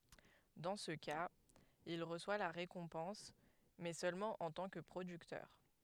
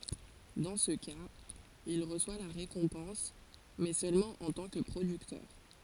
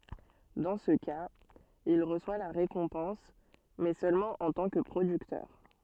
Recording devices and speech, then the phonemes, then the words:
headset microphone, forehead accelerometer, soft in-ear microphone, read sentence
dɑ̃ sə kaz il ʁəswa la ʁekɔ̃pɑ̃s mɛ sølmɑ̃ ɑ̃ tɑ̃ kə pʁodyktœʁ
Dans ce cas, il reçoit la récompense mais seulement en tant que producteur.

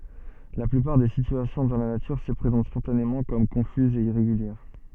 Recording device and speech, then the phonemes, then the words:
soft in-ear microphone, read sentence
la plypaʁ de sityasjɔ̃ dɑ̃ la natyʁ sə pʁezɑ̃t spɔ̃tanemɑ̃ kɔm kɔ̃fyzz e iʁeɡyljɛʁ
La plupart des situations dans la nature se présentent spontanément comme confuses et irrégulières.

